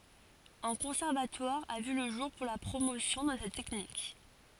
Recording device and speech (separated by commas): forehead accelerometer, read sentence